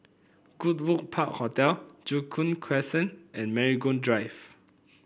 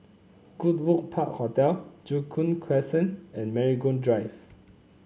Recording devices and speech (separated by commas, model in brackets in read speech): boundary microphone (BM630), mobile phone (Samsung C9), read sentence